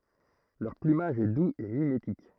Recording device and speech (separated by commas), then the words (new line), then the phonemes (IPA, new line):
throat microphone, read sentence
Leur plumage est doux et mimétique.
lœʁ plymaʒ ɛ duz e mimetik